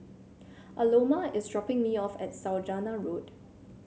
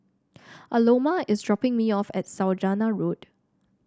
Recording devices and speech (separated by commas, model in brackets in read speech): mobile phone (Samsung C7), standing microphone (AKG C214), read sentence